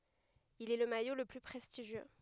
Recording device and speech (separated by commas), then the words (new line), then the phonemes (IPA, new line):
headset microphone, read sentence
Il est le maillot le plus prestigieux.
il ɛ lə majo lə ply pʁɛstiʒjø